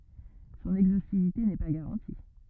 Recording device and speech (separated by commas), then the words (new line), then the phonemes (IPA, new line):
rigid in-ear microphone, read sentence
Son exhaustivité n'est pas garantie.
sɔ̃n ɛɡzostivite nɛ pa ɡaʁɑ̃ti